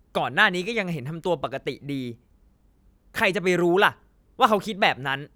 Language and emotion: Thai, angry